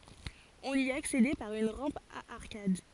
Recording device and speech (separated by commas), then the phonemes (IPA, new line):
forehead accelerometer, read sentence
ɔ̃n i aksedɛ paʁ yn ʁɑ̃p a aʁkad